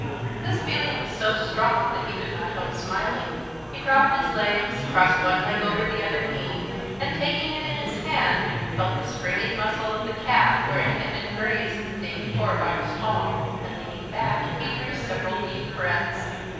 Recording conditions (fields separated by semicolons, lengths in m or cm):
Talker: one person; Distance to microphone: 7.1 m; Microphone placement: far; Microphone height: 1.7 m; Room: very reverberant, large; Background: babble